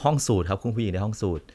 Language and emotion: Thai, neutral